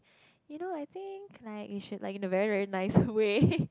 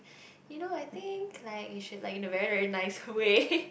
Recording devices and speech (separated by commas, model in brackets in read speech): close-talking microphone, boundary microphone, conversation in the same room